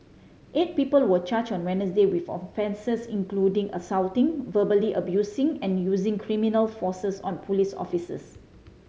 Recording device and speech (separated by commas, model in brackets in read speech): mobile phone (Samsung C5010), read sentence